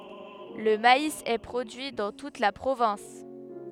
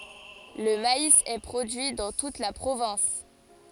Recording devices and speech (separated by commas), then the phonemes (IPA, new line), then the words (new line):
headset microphone, forehead accelerometer, read sentence
lə mais ɛ pʁodyi dɑ̃ tut la pʁovɛ̃s
Le maïs est produit dans toute la province.